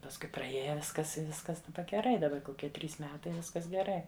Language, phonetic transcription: Lithuanian, pasˈkui praˈėja ˈviskas i ˈviskas daˈba geˈrai daˈba koˈkie ˈtrys ˈmetai ˈviskas geˈrai

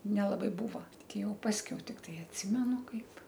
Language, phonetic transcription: Lithuanian, nelaˈbai ˈbūva ˈti ˈjau ˈpaskiau ˈtiktai atˈsimenu ˈkaip

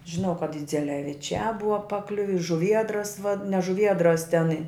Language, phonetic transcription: Lithuanian, žiˈnau kad idzeleviˈčiā ˈbuva paˈkliuvi i žuˈviedras va ne žuˈviedras ten i

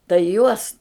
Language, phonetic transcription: Lithuanian, tai ˈjuos

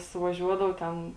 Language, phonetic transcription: Lithuanian, suvaˈžiuodav ˈten

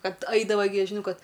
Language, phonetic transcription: Lithuanian, ˈkad ˈaidavai gi žiˈnau ˈkad

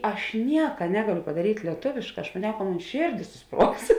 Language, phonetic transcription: Lithuanian, ˈaš ˈnieka ˈnegaˌlio padaˈryt' lieˈtovėšˌkā aš maˈniau ka ˈmon ˈšėrˌdės suˈspruogs

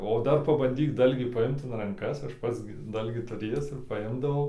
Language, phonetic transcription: Lithuanian, o ˈdar pabanˈdyk ˈdalgį paˈimt in ranˈkas ˈaš ˈpats gi ˈdalgį tuˈrėjęs ir paˈimdavau

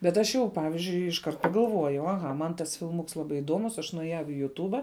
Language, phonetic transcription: Lithuanian, bet ˈaš jau ˈpavizdžiui išˈkart pagalˈvuojau aˈha ˈman tas filˈmuks ˈlaˌbai iˈduomus aš nueˈjau i juˈtūba

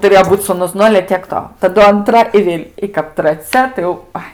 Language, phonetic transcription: Lithuanian, tuˈrėjo ˈbūt sūˈnus ˈnu ale tiek ˈto taˈdu anˈtra i ˈvėl' i kap traˈcia tai jau ˈai

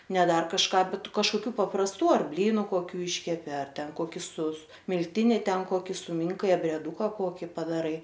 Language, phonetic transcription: Lithuanian, ne ˈdar kažˈką ˈbet kažkoˈkių paprasˈtų ˈar ˈblynu koˈkių ˈyškepi milˈtini ˈten ˈkoki suˈminkai abrieˈdūka ˈkoki padaˈrai

